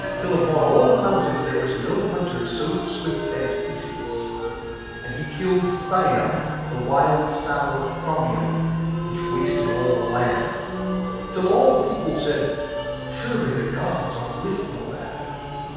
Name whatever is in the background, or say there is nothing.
Music.